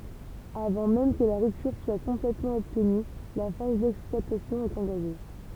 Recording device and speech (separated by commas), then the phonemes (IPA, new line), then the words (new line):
temple vibration pickup, read sentence
avɑ̃ mɛm kə la ʁyptyʁ swa kɔ̃plɛtmɑ̃ ɔbtny la faz dɛksplwatasjɔ̃ ɛt ɑ̃ɡaʒe
Avant même que la rupture soit complètement obtenue, la phase d'exploitation est engagée.